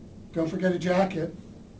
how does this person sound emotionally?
neutral